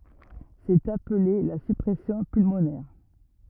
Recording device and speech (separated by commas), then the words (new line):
rigid in-ear microphone, read sentence
C'est appelé la surpression pulmonaire.